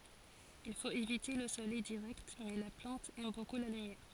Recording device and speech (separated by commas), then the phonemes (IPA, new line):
forehead accelerometer, read sentence
il fot evite lə solɛj diʁɛkt mɛ la plɑ̃t ɛm boku la lymjɛʁ